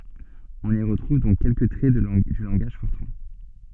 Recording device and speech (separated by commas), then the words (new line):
soft in-ear microphone, read sentence
On y retrouve donc quelques traits du langage Fortran.